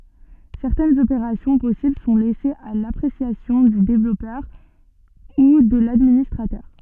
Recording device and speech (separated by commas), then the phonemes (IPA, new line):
soft in-ear microphone, read sentence
sɛʁtɛnz opeʁasjɔ̃ pɔsibl sɔ̃ lɛsez a lapʁesjasjɔ̃ dy devlɔpœʁ u də ladministʁatœʁ